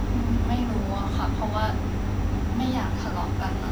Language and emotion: Thai, sad